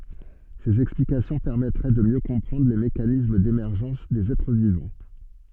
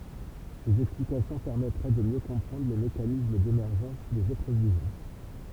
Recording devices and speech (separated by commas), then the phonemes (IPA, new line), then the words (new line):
soft in-ear microphone, temple vibration pickup, read sentence
sez ɛksplikasjɔ̃ pɛʁmɛtʁɛ də mjø kɔ̃pʁɑ̃dʁ le mekanism demɛʁʒɑ̃s dez ɛtʁ vivɑ̃
Ces explications permettraient de mieux comprendre les mécanismes d'émergence des êtres vivants.